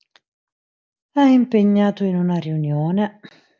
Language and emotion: Italian, sad